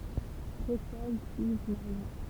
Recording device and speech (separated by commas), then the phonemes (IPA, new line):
temple vibration pickup, read sentence
pʁefas iv maʁjɔ̃